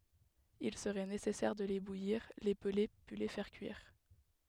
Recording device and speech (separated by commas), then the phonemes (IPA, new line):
headset microphone, read sentence
il səʁɛ nesɛsɛʁ də le bujiʁ le pəle pyi le fɛʁ kyiʁ